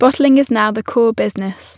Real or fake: real